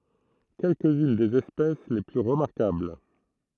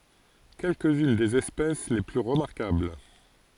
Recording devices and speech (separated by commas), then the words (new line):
throat microphone, forehead accelerometer, read sentence
Quelques-unes des espèces les plus remarquables.